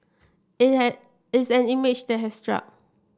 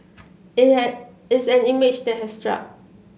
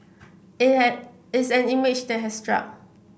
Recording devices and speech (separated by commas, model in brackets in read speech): standing microphone (AKG C214), mobile phone (Samsung C7), boundary microphone (BM630), read sentence